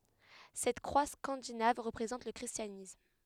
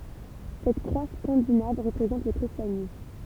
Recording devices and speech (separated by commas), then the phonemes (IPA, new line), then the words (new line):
headset microphone, temple vibration pickup, read sentence
sɛt kʁwa skɑ̃dinav ʁəpʁezɑ̃t lə kʁistjanism
Cette croix scandinave représente le christianisme.